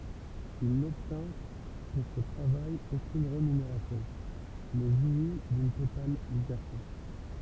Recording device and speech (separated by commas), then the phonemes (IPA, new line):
temple vibration pickup, read sentence
il nɔbtɛ̃ puʁ sə tʁavaj okyn ʁemyneʁasjɔ̃ mɛ ʒwi dyn total libɛʁte